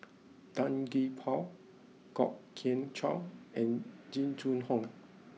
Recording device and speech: mobile phone (iPhone 6), read sentence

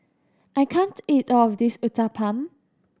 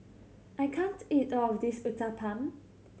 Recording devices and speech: standing microphone (AKG C214), mobile phone (Samsung C7100), read sentence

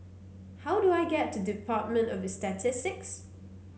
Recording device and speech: mobile phone (Samsung C9), read sentence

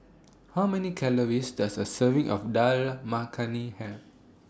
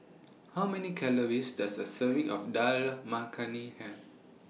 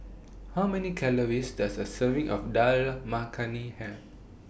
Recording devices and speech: standing microphone (AKG C214), mobile phone (iPhone 6), boundary microphone (BM630), read sentence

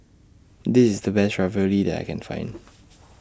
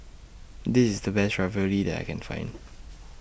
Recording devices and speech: standing microphone (AKG C214), boundary microphone (BM630), read sentence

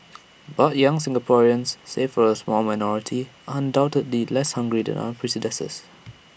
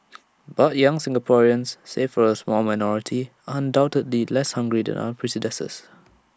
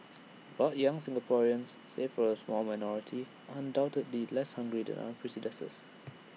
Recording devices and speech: boundary microphone (BM630), standing microphone (AKG C214), mobile phone (iPhone 6), read sentence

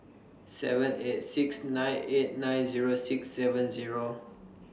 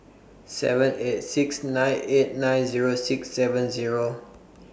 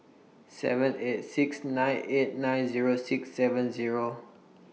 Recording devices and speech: standing microphone (AKG C214), boundary microphone (BM630), mobile phone (iPhone 6), read sentence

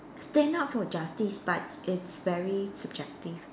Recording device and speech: standing microphone, conversation in separate rooms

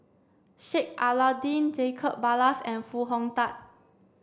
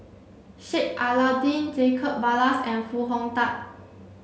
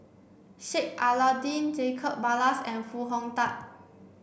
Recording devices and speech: standing microphone (AKG C214), mobile phone (Samsung C7), boundary microphone (BM630), read sentence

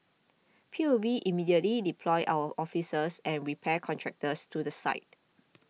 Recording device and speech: mobile phone (iPhone 6), read sentence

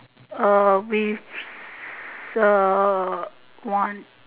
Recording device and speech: telephone, conversation in separate rooms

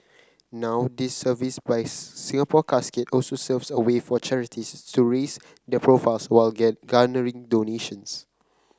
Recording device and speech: close-talking microphone (WH30), read sentence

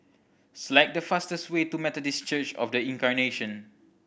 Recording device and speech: boundary microphone (BM630), read sentence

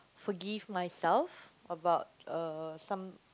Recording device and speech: close-talking microphone, conversation in the same room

